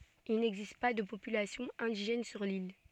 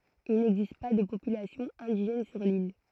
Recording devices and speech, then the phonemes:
soft in-ear microphone, throat microphone, read sentence
il nɛɡzist pa də popylasjɔ̃ ɛ̃diʒɛn syʁ lil

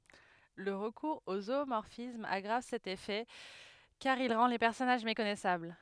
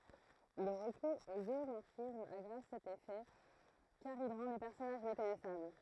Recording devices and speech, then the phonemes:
headset microphone, throat microphone, read sentence
lə ʁəkuʁz o zumɔʁfism aɡʁav sɛt efɛ kaʁ il ʁɑ̃ le pɛʁsɔnaʒ mekɔnɛsabl

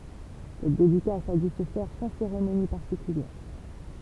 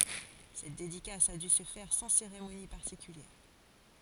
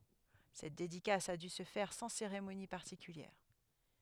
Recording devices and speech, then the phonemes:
temple vibration pickup, forehead accelerometer, headset microphone, read sentence
sɛt dedikas a dy sə fɛʁ sɑ̃ seʁemoni paʁtikyljɛʁ

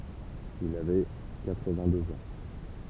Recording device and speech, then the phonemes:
temple vibration pickup, read sentence
il avɛ katʁvɛ̃tdøz ɑ̃

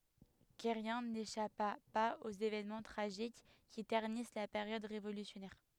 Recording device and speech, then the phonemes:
headset microphone, read sentence
kɛʁjɛ̃ neʃapa paz oz evɛnmɑ̃ tʁaʒik ki tɛʁnis la peʁjɔd ʁevolysjɔnɛʁ

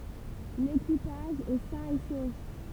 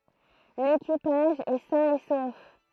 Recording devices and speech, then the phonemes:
temple vibration pickup, throat microphone, read sentence
lekipaʒ ɛ sɛ̃ e sof

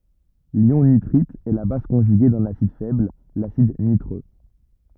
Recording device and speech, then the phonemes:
rigid in-ear microphone, read sentence
ljɔ̃ nitʁit ɛ la baz kɔ̃ʒyɡe dœ̃n asid fɛbl lasid nitʁø

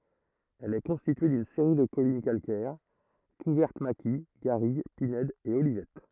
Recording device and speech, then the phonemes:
throat microphone, read sentence
ɛl ɛ kɔ̃stitye dyn seʁi də kɔlin kalkɛʁ kuvɛʁt maki ɡaʁiɡ pinɛdz e olivɛt

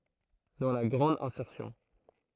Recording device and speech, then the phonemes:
throat microphone, read sentence
dɑ̃ la ɡʁɑ̃d ɛ̃sɛʁsjɔ̃

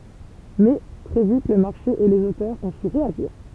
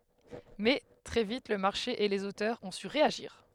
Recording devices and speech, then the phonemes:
temple vibration pickup, headset microphone, read sentence
mɛ tʁɛ vit lə maʁʃe e lez otœʁz ɔ̃ sy ʁeaʒiʁ

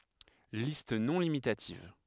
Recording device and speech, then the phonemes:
headset microphone, read sentence
list nɔ̃ limitativ

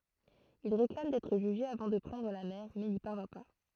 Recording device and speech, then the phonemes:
throat microphone, read sentence
il ʁeklam dɛtʁ ʒyʒe avɑ̃ də pʁɑ̃dʁ la mɛʁ mɛ ni paʁvjɛ̃ pa

